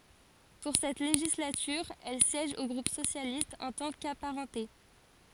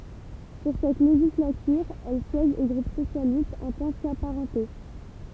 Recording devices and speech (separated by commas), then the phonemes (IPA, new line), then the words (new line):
forehead accelerometer, temple vibration pickup, read sentence
puʁ sɛt leʒislatyʁ ɛl sjɛʒ o ɡʁup sosjalist ɑ̃ tɑ̃ kapaʁɑ̃te
Pour cette législature, elle siège au groupe socialiste en tant qu'apparentée.